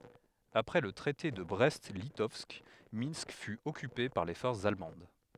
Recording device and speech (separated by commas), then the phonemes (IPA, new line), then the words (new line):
headset microphone, read sentence
apʁɛ lə tʁɛte də bʁɛst litɔvsk mɛ̃sk fy ɔkype paʁ le fɔʁsz almɑ̃d
Après le Traité de Brest-Litovsk, Minsk fut occupée par les forces allemandes.